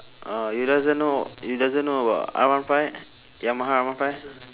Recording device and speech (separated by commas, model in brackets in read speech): telephone, conversation in separate rooms